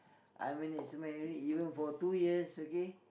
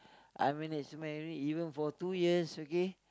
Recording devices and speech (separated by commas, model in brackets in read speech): boundary microphone, close-talking microphone, conversation in the same room